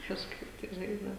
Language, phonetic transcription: Lithuanian, kažˈkaip tai ˈžaisdav

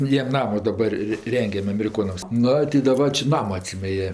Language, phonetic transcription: Lithuanian, ˈjiem ˈnamo daˈbar ri ˈrengiam ameriˈkonams ˈnu ti daˈbar čia ˈnamo atˈsyme ˈjie

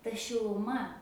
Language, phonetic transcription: Lithuanian, ta šiluˈma

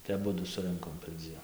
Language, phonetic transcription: Lithuanian, tai aˈbudu suˈrɨnkom perˈdzien

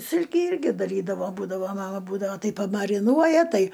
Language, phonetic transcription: Lithuanian, ˈsilki ˈirgi daˈrydavo ˈbūdavo ˈmama ˈbūdavo ˈtai pamariˈnuoja ˈtai

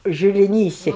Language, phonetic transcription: Lithuanian, žiliˈnyse

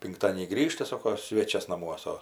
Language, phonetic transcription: Lithuanian, pinkˈtadienį ˈgrįžta ˈsoko ˈsvėčias naˈmuosa

